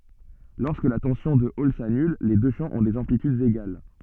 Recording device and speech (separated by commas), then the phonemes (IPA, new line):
soft in-ear microphone, read sentence
lɔʁskə la tɑ̃sjɔ̃ də ɔl sanyl le dø ʃɑ̃ ɔ̃ dez ɑ̃plitydz eɡal